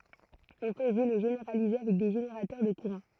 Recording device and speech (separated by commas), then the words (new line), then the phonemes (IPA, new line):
throat microphone, read sentence
On peut aussi le généraliser avec des générateurs de courants.
ɔ̃ pøt osi lə ʒeneʁalize avɛk de ʒeneʁatœʁ də kuʁɑ̃